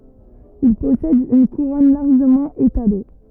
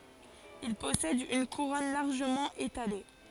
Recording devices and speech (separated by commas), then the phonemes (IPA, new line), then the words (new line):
rigid in-ear microphone, forehead accelerometer, read sentence
il pɔsɛd yn kuʁɔn laʁʒəmɑ̃ etale
Il possède une couronne largement étalée.